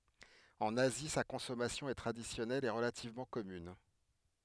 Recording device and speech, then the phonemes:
headset microphone, read sentence
ɑ̃n azi sa kɔ̃sɔmasjɔ̃ ɛ tʁadisjɔnɛl e ʁəlativmɑ̃ kɔmyn

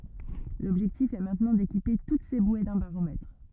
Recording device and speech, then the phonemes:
rigid in-ear microphone, read sentence
lɔbʒɛktif ɛ mɛ̃tnɑ̃ dekipe tut se bwe dœ̃ baʁomɛtʁ

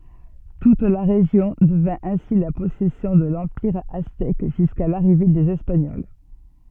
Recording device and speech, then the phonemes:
soft in-ear microphone, read sentence
tut la ʁeʒjɔ̃ dəvɛ̃ ɛ̃si la pɔsɛsjɔ̃ də lɑ̃piʁ aztɛk ʒyska laʁive dez ɛspaɲɔl

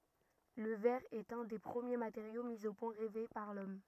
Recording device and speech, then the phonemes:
rigid in-ear microphone, read sentence
lə vɛʁ ɛt œ̃ de pʁəmje mateʁjo mi o pwɛ̃ ʁɛve paʁ lɔm

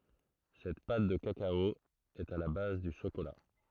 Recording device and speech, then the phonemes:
throat microphone, read sentence
sɛt pat də kakao ɛt a la baz dy ʃokola

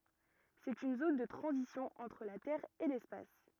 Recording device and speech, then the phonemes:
rigid in-ear microphone, read sentence
sɛt yn zon də tʁɑ̃zisjɔ̃ ɑ̃tʁ la tɛʁ e lɛspas

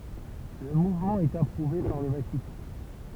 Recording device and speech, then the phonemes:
temple vibration pickup, read sentence
lə muvmɑ̃ ɛt apʁuve paʁ lə vatikɑ̃

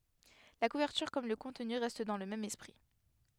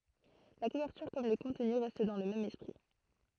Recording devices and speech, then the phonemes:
headset microphone, throat microphone, read sentence
la kuvɛʁtyʁ kɔm lə kɔ̃tny ʁɛst dɑ̃ lə mɛm ɛspʁi

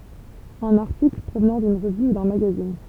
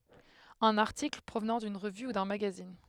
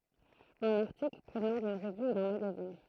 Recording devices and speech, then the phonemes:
temple vibration pickup, headset microphone, throat microphone, read sentence
œ̃n aʁtikl pʁovnɑ̃ dyn ʁəvy u dœ̃ maɡazin

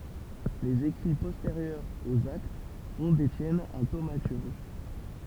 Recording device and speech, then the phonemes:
temple vibration pickup, read sentence
lez ekʁi pɔsteʁjœʁz oz akt fɔ̃ detjɛn œ̃ tomatyʁʒ

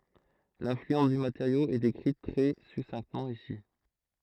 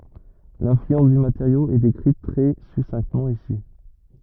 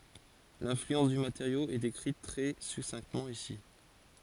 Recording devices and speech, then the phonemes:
throat microphone, rigid in-ear microphone, forehead accelerometer, read sentence
lɛ̃flyɑ̃s dy mateʁjo ɛ dekʁit tʁɛ sutʃinktəmɑ̃ isi

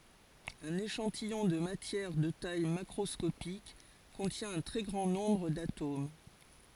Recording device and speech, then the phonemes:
forehead accelerometer, read sentence
œ̃n eʃɑ̃tijɔ̃ də matjɛʁ də taj makʁɔskopik kɔ̃tjɛ̃ œ̃ tʁɛ ɡʁɑ̃ nɔ̃bʁ datom

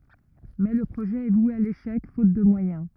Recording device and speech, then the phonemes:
rigid in-ear microphone, read sentence
mɛ lə pʁoʒɛ ɛ vwe a leʃɛk fot də mwajɛ̃

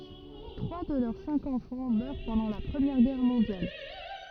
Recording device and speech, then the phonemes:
rigid in-ear microphone, read sentence
tʁwa də lœʁ sɛ̃k ɑ̃fɑ̃ mœʁ pɑ̃dɑ̃ la pʁəmjɛʁ ɡɛʁ mɔ̃djal

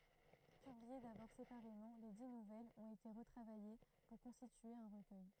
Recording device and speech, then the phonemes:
throat microphone, read sentence
pyblie dabɔʁ sepaʁemɑ̃ le di nuvɛlz ɔ̃t ete ʁətʁavaje puʁ kɔ̃stitye œ̃ ʁəkœj

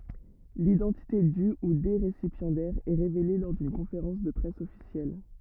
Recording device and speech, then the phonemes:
rigid in-ear microphone, read sentence
lidɑ̃tite dy u de ʁesipjɑ̃dɛʁz ɛ ʁevele lɔʁ dyn kɔ̃feʁɑ̃s də pʁɛs ɔfisjɛl

